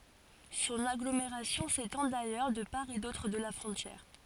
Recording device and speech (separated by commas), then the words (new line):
forehead accelerometer, read sentence
Son agglomération s’étend d'ailleurs de part et d’autre de la frontière.